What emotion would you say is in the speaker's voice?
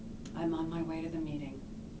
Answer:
neutral